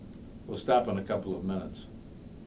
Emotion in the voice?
neutral